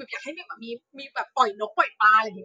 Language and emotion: Thai, frustrated